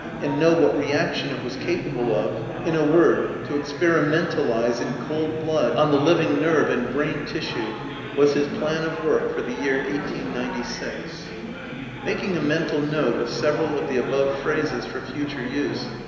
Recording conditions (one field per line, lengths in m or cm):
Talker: one person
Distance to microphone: 1.7 m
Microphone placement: close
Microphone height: 1.0 m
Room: very reverberant, large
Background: babble